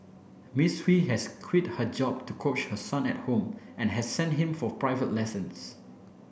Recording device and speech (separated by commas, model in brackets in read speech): boundary microphone (BM630), read sentence